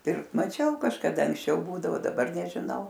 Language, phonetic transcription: Lithuanian, ˈpirkt maˈčiau kažkaˈda anksˈčiau ˈbūdavo daˈbar nežiˈnau

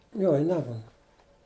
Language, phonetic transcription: Lithuanian, ˈjo i ˈnemuna

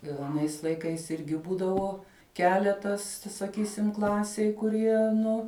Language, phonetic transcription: Lithuanian, ir aˈnais laiˈkais ˈirgi ˈbūdavo ˈkeletas saˈkysim ˈklasėj kuˈrie nu

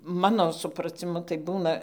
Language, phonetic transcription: Lithuanian, ˈmano supraciˈmu tai ˈbūna

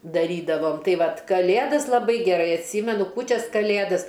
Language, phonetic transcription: Lithuanian, daˈrydavom ˈtai ˈvat kaˈlėdas laˈbai geˈrai atˈsymenu ˈkūčias kaˈlėdas

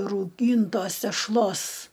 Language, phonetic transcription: Lithuanian, rauˈgyntos tešˈlos

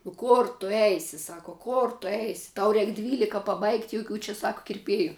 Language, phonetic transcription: Lithuanian, nu ˈkor tu ˈeisi ˈsaka ˈkor tu ˈeisi ˈtau ˈreik ˈdvylika paˈbaigt' joˈkių čia ˈsak kirˈpėju

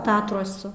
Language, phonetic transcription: Lithuanian, ˈtatruosu

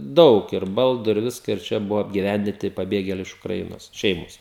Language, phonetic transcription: Lithuanian, ˈdaug ir ˈbaldu ir ˈviska ir ˈčia ˈbuva apgiˈvændinti paˈbėgėliai iš ukraˈinos ˈšeimos

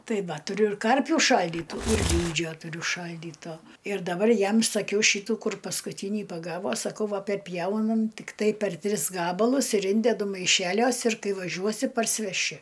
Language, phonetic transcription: Lithuanian, ˈtai ˈva tuˈriu ir ˈkarpių ˈšaldytų ir ˈlydžio tuˈriu ˈšaldyto ir daˈbar ˈjam saˈkiau ˈšytų ˈkur paskuˈtynį paˈgavo saˈkau ˈva perˈpjaunam tikˈtai per ˈtris ˈgabalus ir ˈindedu maiˈšeliuos ir ˈkai vaˈžiuosi parsiveˈši

